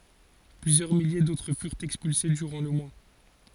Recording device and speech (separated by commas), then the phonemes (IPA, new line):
forehead accelerometer, read sentence
plyzjœʁ milje dotʁ fyʁt ɛkspylse dyʁɑ̃ lə mwa